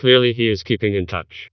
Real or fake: fake